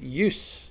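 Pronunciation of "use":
'Use' is said as the noun here, with an s sound rather than the z sound of the verb.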